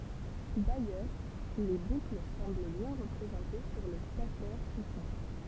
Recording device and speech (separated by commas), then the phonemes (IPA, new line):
temple vibration pickup, read sentence
dajœʁ le bukl sɑ̃bl bjɛ̃ ʁəpʁezɑ̃te syʁ lə statɛʁ sikɔ̃tʁ